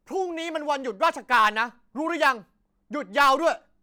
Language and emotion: Thai, angry